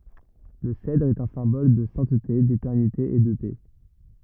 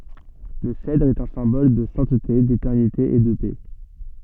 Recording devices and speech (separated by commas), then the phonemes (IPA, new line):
rigid in-ear microphone, soft in-ear microphone, read sentence
lə sɛdʁ ɛt œ̃ sɛ̃bɔl də sɛ̃tte detɛʁnite e də pɛ